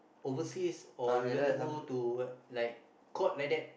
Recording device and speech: boundary microphone, conversation in the same room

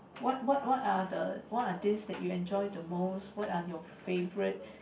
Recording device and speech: boundary microphone, conversation in the same room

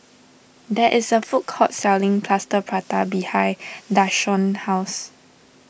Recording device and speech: boundary microphone (BM630), read sentence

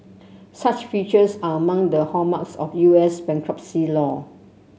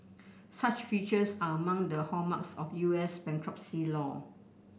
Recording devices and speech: mobile phone (Samsung C7), boundary microphone (BM630), read sentence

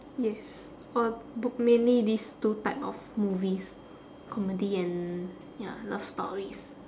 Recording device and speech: standing microphone, conversation in separate rooms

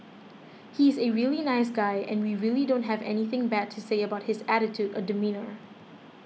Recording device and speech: mobile phone (iPhone 6), read sentence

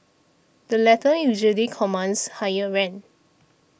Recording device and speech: boundary microphone (BM630), read sentence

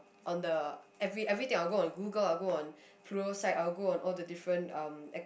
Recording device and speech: boundary microphone, conversation in the same room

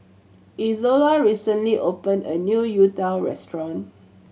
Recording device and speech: mobile phone (Samsung C7100), read sentence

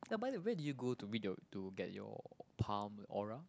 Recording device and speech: close-talking microphone, conversation in the same room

